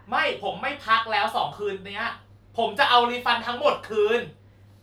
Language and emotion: Thai, angry